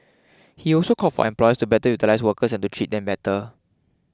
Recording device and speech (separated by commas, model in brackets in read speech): close-talking microphone (WH20), read sentence